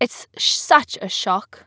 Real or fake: real